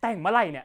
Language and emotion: Thai, frustrated